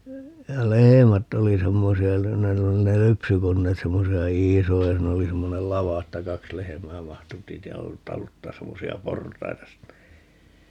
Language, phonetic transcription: Finnish, 'ja "lehemätt ‿oli 'semmosi₍a (ku ne , 'ne oli) ne "lypsykonneet 'semmosi₍a "iisoja - 'siin ‿oli 'semmonel "lava että 'kaks "lehᵉm̀ää 'mahtu (--) 'taluttaas 'semmosi₍a "port̀aita sinne .
- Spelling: ja lehmät oli semmoisia kun ne ne oli ne lypsykoneet semmoisia isoja siinä oli semmoinen lava että kaksi lehmää mahtui - taluttaa semmoisia portaita sinne

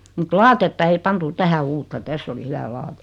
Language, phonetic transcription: Finnish, mut 'laatetta ei 'pantu 'tähä "uutta 'täss ‿oli 'hyvä 'laatᴇ .
- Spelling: mutta lattiaa ei pantu tähän uutta tässä oli hyvä lattia

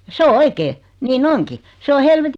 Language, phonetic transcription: Finnish, (ja) 'se o "oikee , 'nii'n ‿oŋki , 'se o hel- .
- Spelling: ja se on oikein niin onkin se on -

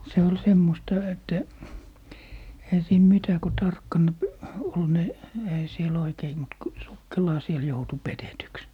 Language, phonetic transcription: Finnish, 'se ol "semmosta 'että , 'eⁱhä siin 'mitä ko "tarkkan , p- , 'ol ne , 'ehä sie'l ‿oikei mut ku , 'sukkelaa siel 'joutu "petetyks .
- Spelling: se oli semmoista että eihän siinä mitä kun tarkkana - oli ne eihän siellä oikein mutta kun sukkelaan siellä joutui petetyksi

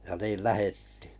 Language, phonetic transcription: Finnish, ja 'niil "lähettɪɪ .
- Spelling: ja niin lähdettiin

